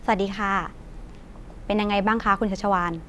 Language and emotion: Thai, neutral